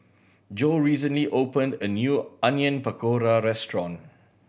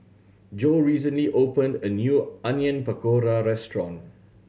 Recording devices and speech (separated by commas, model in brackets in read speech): boundary microphone (BM630), mobile phone (Samsung C7100), read sentence